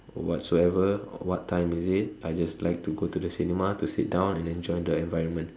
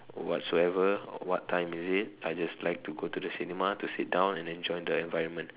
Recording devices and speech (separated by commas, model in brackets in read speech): standing microphone, telephone, conversation in separate rooms